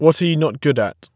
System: none